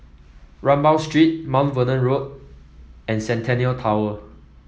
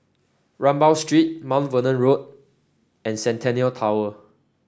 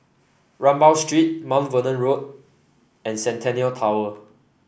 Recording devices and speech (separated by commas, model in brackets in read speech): mobile phone (iPhone 7), standing microphone (AKG C214), boundary microphone (BM630), read sentence